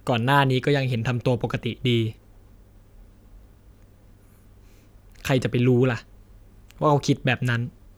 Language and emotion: Thai, frustrated